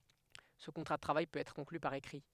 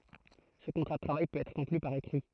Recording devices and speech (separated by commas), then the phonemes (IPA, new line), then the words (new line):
headset microphone, throat microphone, read sentence
sə kɔ̃tʁa də tʁavaj pøt ɛtʁ kɔ̃kly paʁ ekʁi
Ce contrat de travail peut être conclu par écrit.